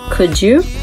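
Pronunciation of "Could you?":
In 'Could you?', the d before 'you' sounds like a j.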